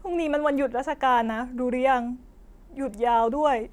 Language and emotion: Thai, sad